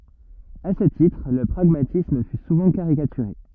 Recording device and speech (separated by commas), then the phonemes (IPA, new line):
rigid in-ear microphone, read sentence
a sə titʁ lə pʁaɡmatism fy suvɑ̃ kaʁikatyʁe